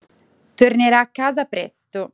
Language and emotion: Italian, neutral